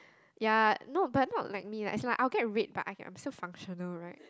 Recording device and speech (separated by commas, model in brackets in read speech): close-talking microphone, conversation in the same room